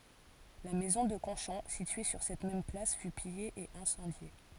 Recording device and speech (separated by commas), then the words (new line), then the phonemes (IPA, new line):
forehead accelerometer, read sentence
La maison de Conchon, située sur cette même place, fut pillée et incendiée.
la mɛzɔ̃ də kɔ̃ʃɔ̃ sitye syʁ sɛt mɛm plas fy pije e ɛ̃sɑ̃dje